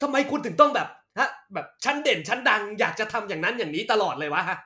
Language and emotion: Thai, angry